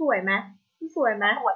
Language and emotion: Thai, happy